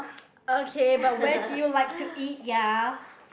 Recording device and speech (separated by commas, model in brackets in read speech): boundary microphone, conversation in the same room